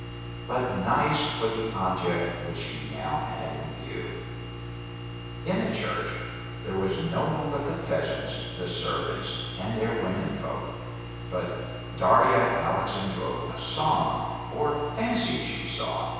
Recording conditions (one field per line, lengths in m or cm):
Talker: one person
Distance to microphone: 7.1 m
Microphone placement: far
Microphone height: 1.7 m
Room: very reverberant, large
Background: none